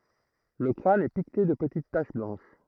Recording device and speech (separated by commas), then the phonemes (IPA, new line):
throat microphone, read sentence
lə kʁan ɛ pikte də pətit taʃ blɑ̃ʃ